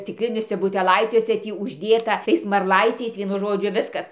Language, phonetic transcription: Lithuanian, stikˈliniuose buteˈlaiciuose ˈtį užˈdėta ˈtais marˈlaiciais vieˈnu ˈžodžiu ˈviskas

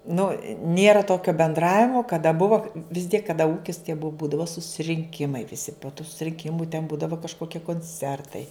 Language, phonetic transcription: Lithuanian, ˈnu ˈnėra ˈtokio benˈdravimo kaˈda ˈbuvo vis tiek kaˈda ˈūkis tie bu ˈbūdavo susirinˈkimai viˈsi po tų surinˈkimu ten ˈbūdavo kažkoˈkie konˈcertai

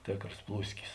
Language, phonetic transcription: Lithuanian, ˈtėkros ˈplūskis

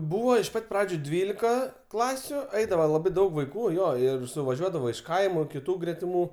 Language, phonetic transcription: Lithuanian, ˈbūva iš ˈpat' ˈpradžiu ˈdvylika ˈklasiu ˈaidavo laˈbai ˈdaug vaiˈkų ˈjo ir suvaˈžiuodavo iš ˈkaimu kiˈtų gretiˈmų

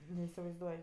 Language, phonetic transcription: Lithuanian, neisivaizˈduoj

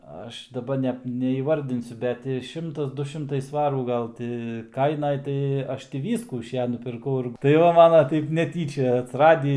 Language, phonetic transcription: Lithuanian, ˈaš daˈba ne neįˈvardinsiu ˈbet ti ˈšimtas ˈdu ˈšimtai ˈsvarų ˈgal ti ˈkainaj ˈtai ˈaš ti ˈvyskų iš ˈja nupirˈkau ir tai ˈva ˈmana ˈtaip neˈtyčia atsiˈradį

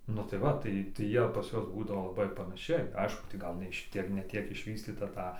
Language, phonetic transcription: Lithuanian, nu tai ˈva ˈtai tai ˈjie pas ˈjuos ˈbūdavo laˈbai panaˈšiai ˈaišku tai ˈgal ne ˈšitiek ne ˈtiek išˈvystyta ˈta

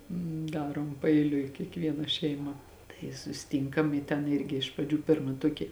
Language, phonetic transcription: Lithuanian, ˈdarom paeiˈliui kiekˈviena šeiˈma tai susiˈtynkam i ˈten ˈirgi iš praˈdžių ˈpirma ˈtuoki

